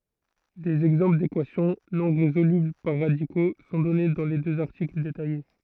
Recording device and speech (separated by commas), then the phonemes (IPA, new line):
throat microphone, read sentence
dez ɛɡzɑ̃pl dekwasjɔ̃ nɔ̃ ʁezolybl paʁ ʁadiko sɔ̃ dɔne dɑ̃ le døz aʁtikl detaje